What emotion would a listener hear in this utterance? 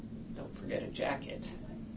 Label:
neutral